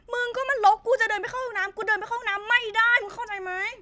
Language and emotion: Thai, frustrated